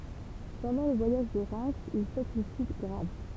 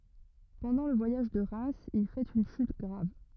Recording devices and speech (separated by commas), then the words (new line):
temple vibration pickup, rigid in-ear microphone, read sentence
Pendant le voyage de Reims, il fait une chute grave.